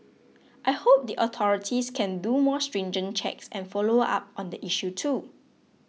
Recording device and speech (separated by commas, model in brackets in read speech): mobile phone (iPhone 6), read sentence